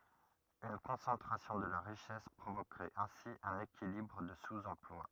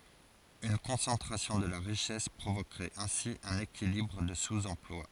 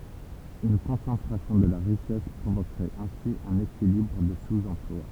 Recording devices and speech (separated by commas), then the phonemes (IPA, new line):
rigid in-ear microphone, forehead accelerometer, temple vibration pickup, read sentence
yn kɔ̃sɑ̃tʁasjɔ̃ də la ʁiʃɛs pʁovokʁɛt ɛ̃si œ̃n ekilibʁ də suz ɑ̃plwa